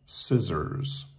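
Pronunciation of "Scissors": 'Scissors' is pronounced correctly, with a North American pronunciation.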